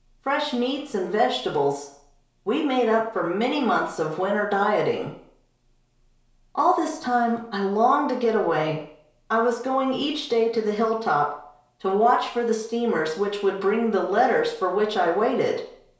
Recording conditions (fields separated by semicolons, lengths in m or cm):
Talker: one person; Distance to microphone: 1.0 m; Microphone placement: close; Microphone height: 1.1 m; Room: small (3.7 m by 2.7 m); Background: none